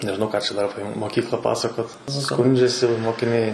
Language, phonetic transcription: Lithuanian, nežiˈnau ˈką čia ˈdar ˈape moˈkykla ˈpasakot ˈskundžiasi mokiˈniai

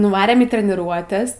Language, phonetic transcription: Lithuanian, nuˈvarėm į treniˈruotes

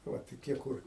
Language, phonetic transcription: Lithuanian, ˈva toˈkie ˈkur

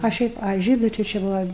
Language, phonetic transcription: Lithuanian, a ˈšiaip a ˈžydu tai či ˈbuva

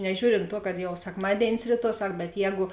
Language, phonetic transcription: Lithuanian, neˈžiūrint tuo kad jau sekˈmadėinis ˈryˌtuo ˈsak bet ˈjēgu

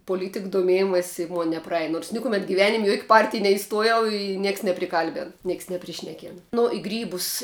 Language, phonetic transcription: Lithuanian, poˈlytik doˈmėjimas's' i ˈmon nepraˈej nors ˈnikuˈmet giˈvenim' i juok' ˈpartij neiˈstuojau i ˈnieks nepriˈkalben ˈnieks nepriˈšnekėn ˈnu i ˈgrybus

